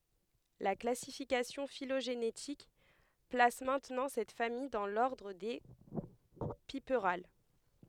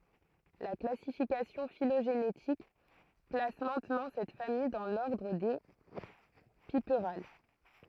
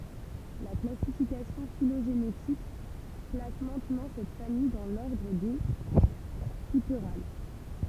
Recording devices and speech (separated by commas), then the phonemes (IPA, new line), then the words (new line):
headset microphone, throat microphone, temple vibration pickup, read sentence
la klasifikasjɔ̃ filoʒenetik plas mɛ̃tnɑ̃ sɛt famij dɑ̃ lɔʁdʁ de pipʁal
La classification phylogénétique place maintenant cette famille dans l'ordre des Piperales.